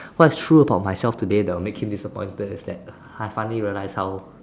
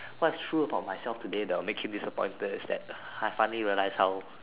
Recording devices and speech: standing microphone, telephone, conversation in separate rooms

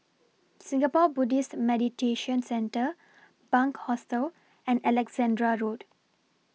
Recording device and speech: mobile phone (iPhone 6), read sentence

